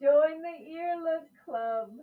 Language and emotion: English, happy